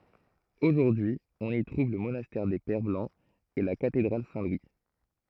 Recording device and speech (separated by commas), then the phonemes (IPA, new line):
throat microphone, read sentence
oʒuʁdyi ɔ̃n i tʁuv lə monastɛʁ de pɛʁ blɑ̃z e la katedʁal sɛ̃ lwi